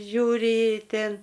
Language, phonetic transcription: Lithuanian, ˈžiūri ˈtėn

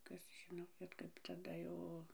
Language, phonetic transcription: Lithuanian, ˈkas ˈžino bet kaip taˈda jau

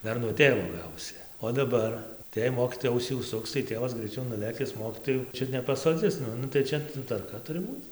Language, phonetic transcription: Lithuanian, ˈdar nuo ˈtėvo ˈgausi o daˈbar tai jei ˈmokytoja ˈausį užˈsuks tai ˈtėvas greiˈčiau nuˈlėkis ˈmokytojų ˈčiut nepasoˈdzis ˈnu nu tai ˈčia tvarˈka ˈturi ˈbūc

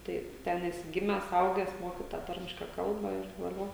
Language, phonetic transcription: Lithuanian, ˈtai ˈten ˈesi ˈgimęs ˈaugęs ˈmoki tą ˈtarmiška ˈkalba ir vaˈlio

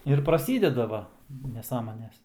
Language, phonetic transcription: Lithuanian, ir praˈsydeda ˈva neˈsąmones

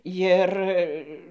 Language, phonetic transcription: Lithuanian, ˈjir

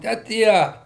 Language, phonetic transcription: Lithuanian, tę ˈtie

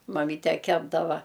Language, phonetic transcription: Lithuanian, maˈmyte ˈkepdava

